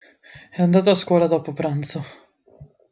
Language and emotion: Italian, fearful